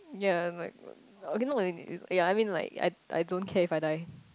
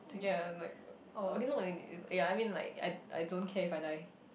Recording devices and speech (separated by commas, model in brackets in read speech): close-talking microphone, boundary microphone, conversation in the same room